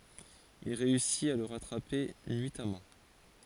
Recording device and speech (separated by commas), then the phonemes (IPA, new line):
forehead accelerometer, read sentence
il ʁeysit a lə ʁatʁape nyitamɑ̃